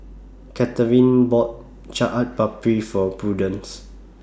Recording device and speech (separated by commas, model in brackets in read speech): standing microphone (AKG C214), read sentence